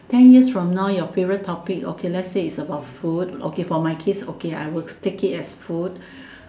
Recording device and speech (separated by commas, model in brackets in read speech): standing microphone, conversation in separate rooms